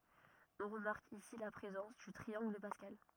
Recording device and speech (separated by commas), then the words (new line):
rigid in-ear microphone, read sentence
On remarque ici la présence du triangle de Pascal.